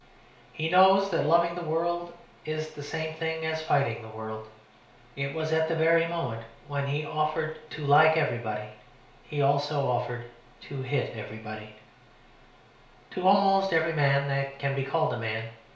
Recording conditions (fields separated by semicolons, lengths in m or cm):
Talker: one person; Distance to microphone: 1.0 m; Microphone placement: close; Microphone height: 1.1 m; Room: small (3.7 m by 2.7 m); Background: none